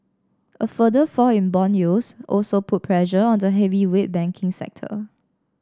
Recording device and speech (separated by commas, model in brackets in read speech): standing microphone (AKG C214), read sentence